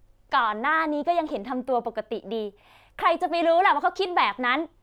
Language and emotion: Thai, frustrated